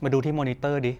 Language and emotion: Thai, neutral